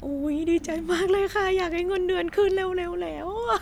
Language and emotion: Thai, happy